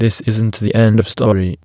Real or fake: fake